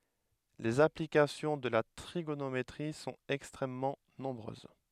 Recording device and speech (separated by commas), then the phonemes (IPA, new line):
headset microphone, read sentence
lez aplikasjɔ̃ də la tʁiɡonometʁi sɔ̃t ɛkstʁɛmmɑ̃ nɔ̃bʁøz